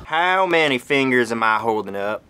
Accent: with Southern drawl